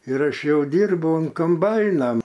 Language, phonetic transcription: Lithuanian, ir ˈaš ˈjau ˈdyrbau un komˈbaina

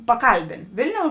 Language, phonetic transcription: Lithuanian, paˈkalbėn ˈvilˌniou

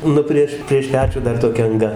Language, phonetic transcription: Lithuanian, ˈnu prieš prieš ˈpečių ˈdar toˈkia anˈga

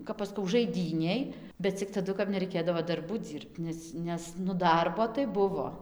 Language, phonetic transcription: Lithuanian, ˈkap aš ˈskau žaiˈdynėj bet cik taˈdu neraiˈkėdavo darˈbų ˈdzyrbt ˈnes ˈnes nu ˈdarbo tai ˈbuvo

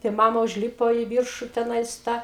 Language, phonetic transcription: Lithuanian, tai ˈmama užˈlypo i ˈviršu teˈnais ta

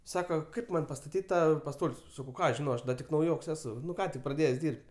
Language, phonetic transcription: Lithuanian, ˈsaka ˈkaip ˈman' pastaˈtyt' ˈtą paˈstol's' ˈsakau ˈką aš ˈžinau ˈaš da ˈtik nauˈjoks ˈesu ˈką tik praˈdėjes ˈdyrb't'

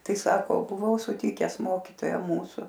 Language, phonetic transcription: Lithuanian, ˈtai ˈsako buˈvau suˈtikes ˈmokytoją ˈmūsu

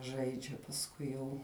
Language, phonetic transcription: Lithuanian, ˈžaidžia pasˈkui jau

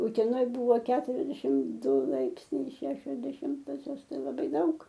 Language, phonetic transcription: Lithuanian, uteˈnoj ˈbūvo keturiasˈdešim ˈdu ˈlaipsniai i ˈšešios deˈšimtosios laˈbai ˈdaug

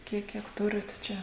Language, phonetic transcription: Lithuanian, ˈkiek ˈkiek ˈturit ˈčia

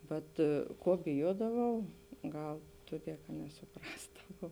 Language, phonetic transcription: Lithuanian, ˈvat ˈko biˈjuodavau ˈgal ˈtuˌdie ka nesuˈprasdavau

